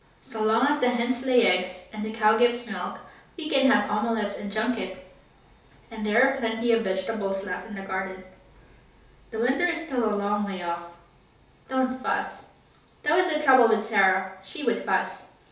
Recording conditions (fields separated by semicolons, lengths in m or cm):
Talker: one person; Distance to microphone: 3.0 m; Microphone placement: far; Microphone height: 1.8 m; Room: small (3.7 m by 2.7 m); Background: none